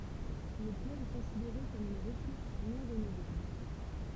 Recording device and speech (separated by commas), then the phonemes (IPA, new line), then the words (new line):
temple vibration pickup, read sentence
lə plɔ̃ ɛ kɔ̃sideʁe kɔm yn ʁəsuʁs nɔ̃ ʁənuvlabl
Le plomb est considéré comme une ressource non renouvelable.